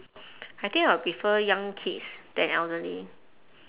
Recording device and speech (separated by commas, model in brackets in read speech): telephone, conversation in separate rooms